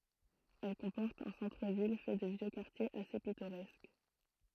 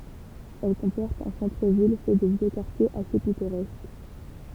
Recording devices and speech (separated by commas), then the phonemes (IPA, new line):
throat microphone, temple vibration pickup, read sentence
ɛl kɔ̃pɔʁt œ̃ sɑ̃tʁ vil fɛ də vjø kaʁtjez ase pitoʁɛsk